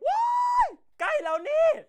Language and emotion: Thai, happy